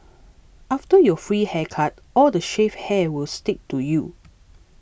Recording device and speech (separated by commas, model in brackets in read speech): boundary microphone (BM630), read sentence